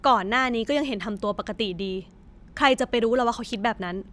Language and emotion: Thai, frustrated